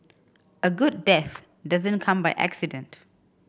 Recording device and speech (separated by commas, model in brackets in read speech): boundary microphone (BM630), read sentence